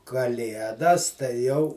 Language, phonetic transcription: Lithuanian, kaˈliedas tai ˈjau

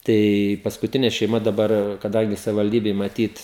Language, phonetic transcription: Lithuanian, ˈtai paskuˈtine šeiˈma daˈbar kaˈdangi savivalˈdybei maˈtyt

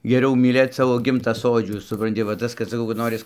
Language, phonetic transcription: Lithuanian, geˈriau myˈlėt ˈsavo ˈgimta ˈsodžių supranˈti va ˈtas kad saˈkau kad ˈnoris

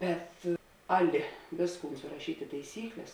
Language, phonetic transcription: Lithuanian, ˈbet ˈaˌli ˈvėsˌkūn suraˈšyt' i taiˈsykles

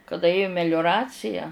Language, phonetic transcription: Lithuanian, kaˈda ˈėju meliuˈracija

